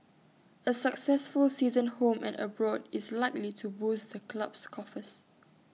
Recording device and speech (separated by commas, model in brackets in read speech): mobile phone (iPhone 6), read sentence